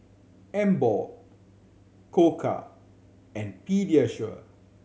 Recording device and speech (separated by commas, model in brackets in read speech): mobile phone (Samsung C7100), read sentence